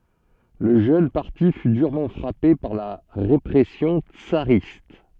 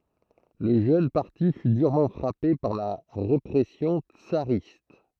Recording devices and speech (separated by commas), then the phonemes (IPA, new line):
soft in-ear microphone, throat microphone, read sentence
lə ʒøn paʁti fy dyʁmɑ̃ fʁape paʁ la ʁepʁɛsjɔ̃ tsaʁist